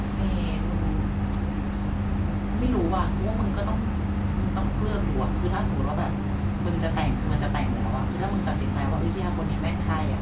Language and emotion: Thai, frustrated